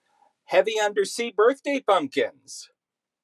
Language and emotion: English, surprised